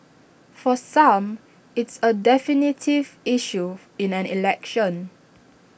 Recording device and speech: boundary microphone (BM630), read sentence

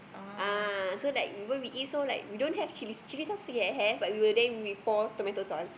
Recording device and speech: boundary microphone, conversation in the same room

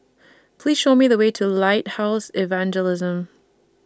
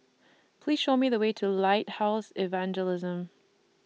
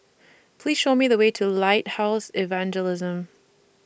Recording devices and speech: standing microphone (AKG C214), mobile phone (iPhone 6), boundary microphone (BM630), read sentence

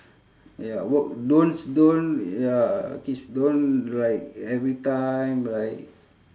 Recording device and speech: standing microphone, conversation in separate rooms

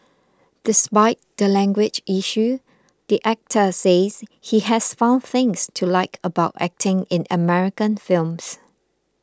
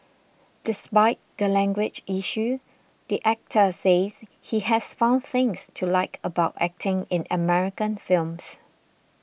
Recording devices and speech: close-talking microphone (WH20), boundary microphone (BM630), read sentence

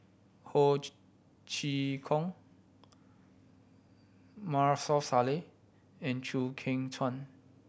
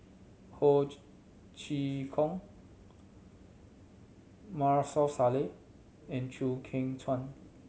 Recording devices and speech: boundary microphone (BM630), mobile phone (Samsung C7100), read sentence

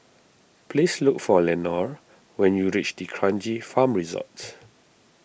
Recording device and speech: boundary microphone (BM630), read sentence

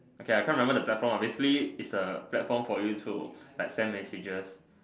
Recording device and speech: standing microphone, conversation in separate rooms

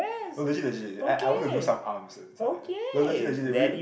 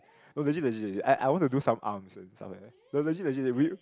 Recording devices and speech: boundary microphone, close-talking microphone, conversation in the same room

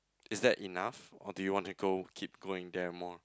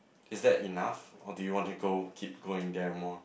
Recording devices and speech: close-talking microphone, boundary microphone, conversation in the same room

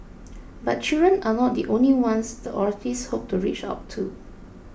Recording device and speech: boundary microphone (BM630), read sentence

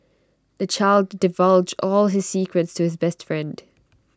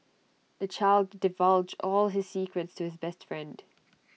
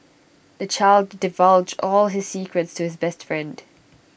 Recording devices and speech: standing microphone (AKG C214), mobile phone (iPhone 6), boundary microphone (BM630), read sentence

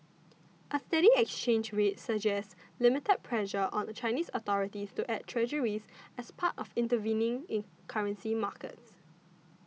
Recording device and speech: mobile phone (iPhone 6), read sentence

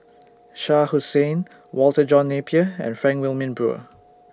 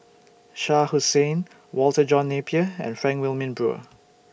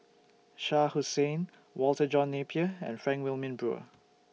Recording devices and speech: standing microphone (AKG C214), boundary microphone (BM630), mobile phone (iPhone 6), read sentence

